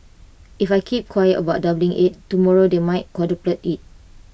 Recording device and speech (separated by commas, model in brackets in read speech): boundary microphone (BM630), read sentence